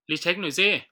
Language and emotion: Thai, frustrated